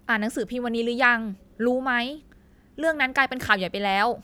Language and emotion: Thai, frustrated